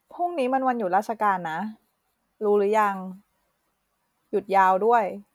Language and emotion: Thai, neutral